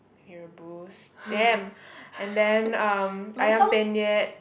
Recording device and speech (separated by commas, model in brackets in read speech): boundary microphone, conversation in the same room